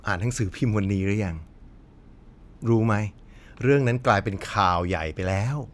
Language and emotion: Thai, frustrated